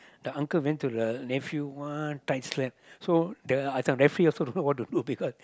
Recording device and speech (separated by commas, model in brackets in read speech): close-talking microphone, conversation in the same room